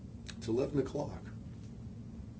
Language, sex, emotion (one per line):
English
male
neutral